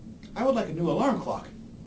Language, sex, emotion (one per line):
English
male
neutral